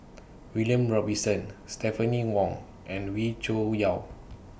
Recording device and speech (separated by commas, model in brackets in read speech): boundary microphone (BM630), read sentence